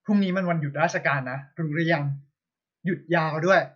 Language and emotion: Thai, happy